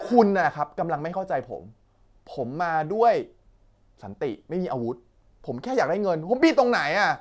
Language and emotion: Thai, angry